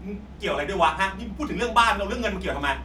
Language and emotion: Thai, angry